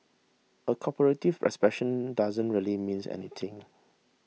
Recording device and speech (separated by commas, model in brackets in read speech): mobile phone (iPhone 6), read sentence